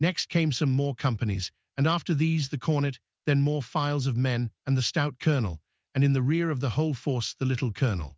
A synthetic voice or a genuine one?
synthetic